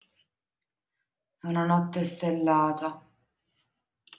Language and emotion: Italian, sad